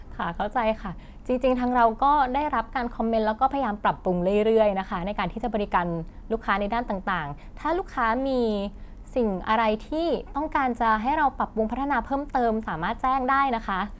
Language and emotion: Thai, happy